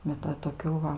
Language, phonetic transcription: Lithuanian, bet ˈva toˈkių va

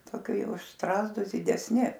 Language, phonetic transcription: Lithuanian, toˈki ˈjau už ˈstrazdus didesˈni

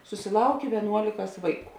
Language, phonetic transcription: Lithuanian, susiˈlaukė vieˈnuolikas ˈvaiˌkų

